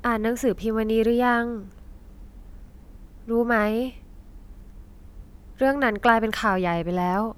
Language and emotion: Thai, frustrated